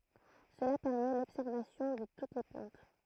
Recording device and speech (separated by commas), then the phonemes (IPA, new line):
throat microphone, read sentence
səla pɛʁmɛ lɔbsɛʁvasjɔ̃ də tut le plɑ̃t